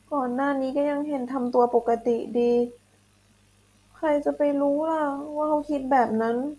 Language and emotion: Thai, sad